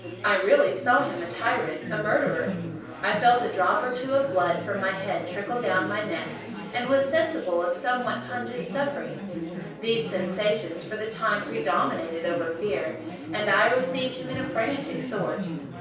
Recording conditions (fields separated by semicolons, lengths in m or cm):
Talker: one person; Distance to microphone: 3.0 m; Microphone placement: far; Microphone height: 1.8 m; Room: small (3.7 m by 2.7 m); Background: babble